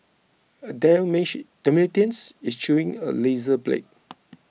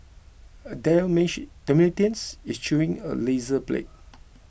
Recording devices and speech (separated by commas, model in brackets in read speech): mobile phone (iPhone 6), boundary microphone (BM630), read sentence